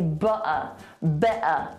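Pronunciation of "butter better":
In 'butter' and 'better', the t is dropped.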